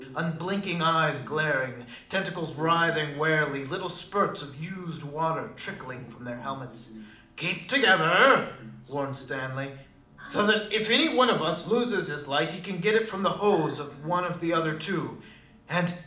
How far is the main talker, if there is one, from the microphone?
2.0 m.